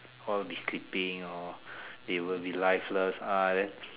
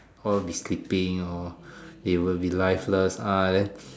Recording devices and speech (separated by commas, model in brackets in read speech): telephone, standing microphone, conversation in separate rooms